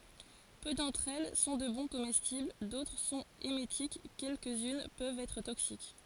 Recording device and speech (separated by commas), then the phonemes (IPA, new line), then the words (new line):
forehead accelerometer, read sentence
pø dɑ̃tʁ ɛl sɔ̃ də bɔ̃ komɛstibl dotʁ sɔ̃t emetik kɛlkəzyn pøvt ɛtʁ toksik
Peu d'entre elles sont de bons comestibles, d'autres sont émétiques, quelques-unes peuvent être toxiques.